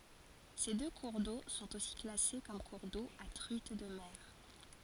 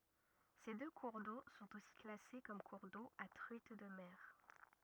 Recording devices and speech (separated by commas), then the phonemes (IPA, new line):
forehead accelerometer, rigid in-ear microphone, read sentence
se dø kuʁ do sɔ̃t osi klase kɔm kuʁ do a tʁyit də mɛʁ